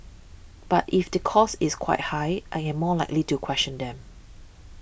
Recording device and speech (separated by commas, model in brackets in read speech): boundary microphone (BM630), read sentence